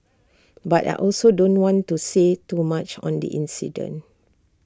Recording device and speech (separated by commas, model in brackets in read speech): standing microphone (AKG C214), read sentence